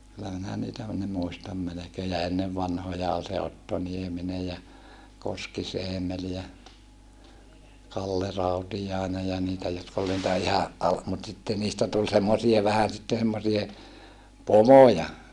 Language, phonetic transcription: Finnish, kyllä minä niitä , ne muistam melekee ja ennev vanhoja ol se Otto Nieminej ja Koskis-Eemel jä , Kalle Rautijàenej ja niitä jotk ‿ol niitä iha , ʼal- , mut sitten niistä tul semmosie vähän sitten semmosie , pomoja .
- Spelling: kyllä minä niitä ne muistan melkein ja ennen vanhoja oli se Otto Nieminen ja Koskis-Eemeli ja Kalle Rautiainen ja niitä jotka oli niitä ihan - mutta sitten niistä tuli semmoisia vähän sitten semmoisia pomoja

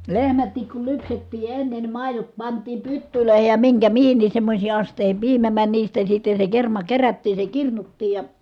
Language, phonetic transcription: Finnish, lehmättik kul lypsettii enne ni mài̮jot pant̀iim pyttylö̀ehej ja miŋkä mihinnis semmośii astèihim piimä mäń niistä sitte se kerma kerättii se kirnuttiij ja ,.
- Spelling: lehmätkin kun lypsettiin ennen niin maidot pantiin pyttyihin ja minkä mihinkin semmoisiin astioihin piimä meni niistä sitten se kerma kerättiin se kirnuttiin ja

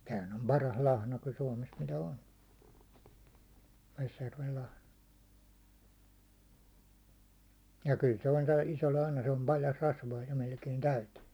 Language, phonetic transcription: Finnish, täähän om "paras 'lahna ku 'Suåmes mitä 'on , 'Vesjärvel 'lahna , ja 'kyl se on toi 'iso 'lahna se om 'paljast rasvaa jo melkein "täytɪᴇ .
- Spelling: tämähän on paras lahna kun Suomessa mitä on Vesijärven lahna ja kyllä se on tuo iso lahna se on paljasta rasvaa jo melkein täyteen

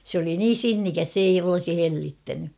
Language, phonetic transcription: Finnish, sᵉ oli 'niin̬ "sinnikäs 's ‿eij ‿olᵒsi 'hellittäny .
- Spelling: se oli niin sinnikäs se ei olisi hellittänyt

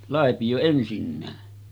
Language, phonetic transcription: Finnish, 'làepiʲo ensinnää .
- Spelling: laipio ensinnäkin

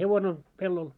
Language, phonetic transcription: Finnish, 'hevone on , 'pellol .
- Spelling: hevonen on pellolla

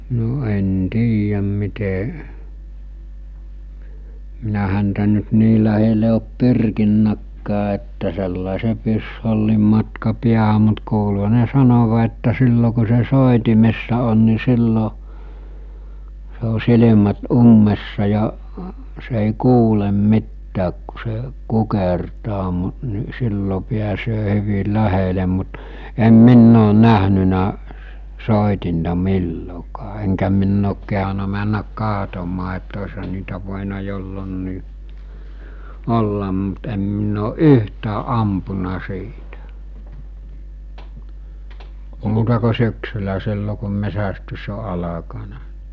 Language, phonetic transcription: Finnish, no en 'tiijäm mite , minä häntä nyt 'nii lähele op 'purkinnäkkää että sellàise 'pyshollim matka piähä mut kuulᴜɦᴀ ne 'sanova että 'sillo ku̬ se 'sòetimessa on ni 'sillo , se o 'silemät 'ummessa ja , se èi "kuulem 'mittääk ku se , 'kukertaa mut ni , 'sillo 'piäsöö hyvil 'lähele mut , em 'minn ‿oon 'nähnynä , 'sòitinta 'millokaa eŋkä minn ‿ook kehana männäk 'kaɦtomaa ett ‿oshan̆ niitä vòena jollonnii , 'ollam mut em minn ‿ooˀ "ˀyhtääˀ 'ˀampuna 'siitä , muuta ko 'syksylä 'sillo kum 'mesästys o 'alakana .
- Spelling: no en tiedä miten minä häntä nyt niin lähelle ole pyrkinytkään että sellaisen pyssyhollin matkan päähän mutta kuuluihan ne sanovan että silloin kun se soitimessa on niin silloin se on silmät ummessa ja se ei kuule mitään kun se kukertaa mutta niin silloin pääsee hyvin lähelle mutta en minä ole nähnyt soidinta milloinkaan enkä minä ole kehdannut mennä katsomaan että olisihan niitä voinut jolloinkin olla mutta en minä ole yhtään ampunut siitä muuta kuin syksyllä silloin kun metsästys on alkanut

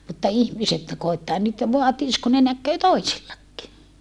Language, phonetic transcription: Finnish, mutta ihmiset , koittaa nyt voatiis ku ne näkkee toisillakki .
- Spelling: mutta ihmiset koettaa nyt vaatia kun ne näkee toisillakin

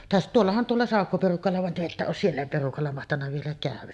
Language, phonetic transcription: Finnish, täst- , 'tuollahan tuolla "Sàokko-perukalla van te että oos siellä 'perukalla mahtanna vielä kä̀yvä .
- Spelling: - tuollahan tuolla Saukko-perukalla vaan te että ole siellä perukalla mahtanut vielä käydä

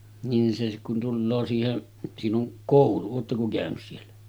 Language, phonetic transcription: Finnish, niin se kun 'tulloo siihen , siin ‿oŋ 'kòulu 'oottako kä̀önys siellä .
- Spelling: niin se kun tulee siihen siinä on koulu oletteko käynyt siellä

